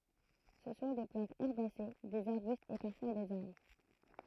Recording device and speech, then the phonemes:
throat microphone, read sentence
sə sɔ̃ de plɑ̃tz ɛʁbase dez aʁbystz e paʁfwa dez aʁbʁ

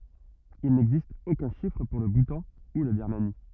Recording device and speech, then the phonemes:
rigid in-ear microphone, read sentence
il nɛɡzist okœ̃ ʃifʁ puʁ lə butɑ̃ u la biʁmani

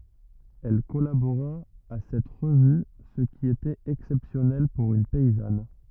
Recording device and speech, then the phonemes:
rigid in-ear microphone, read sentence
ɛl kɔlaboʁa a sɛt ʁəvy sə ki etɛt ɛksɛpsjɔnɛl puʁ yn pɛizan

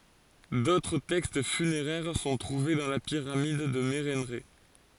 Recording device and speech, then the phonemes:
forehead accelerometer, read sentence
dotʁ tɛkst fyneʁɛʁ sɔ̃ tʁuve dɑ̃ la piʁamid də meʁɑ̃ʁɛ

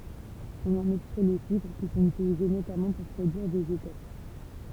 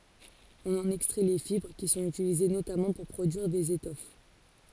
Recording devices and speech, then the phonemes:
temple vibration pickup, forehead accelerometer, read sentence
ɔ̃n ɑ̃n ɛkstʁɛ le fibʁ ki sɔ̃t ytilize notamɑ̃ puʁ pʁodyiʁ dez etɔf

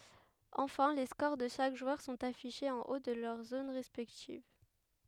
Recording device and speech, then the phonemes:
headset microphone, read sentence
ɑ̃fɛ̃ le skoʁ də ʃak ʒwœʁ sɔ̃t afiʃez ɑ̃ o də lœʁ zon ʁɛspɛktiv

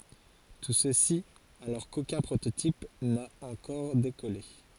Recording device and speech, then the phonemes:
forehead accelerometer, read sentence
tu səsi alɔʁ kokœ̃ pʁototip na ɑ̃kɔʁ dekɔle

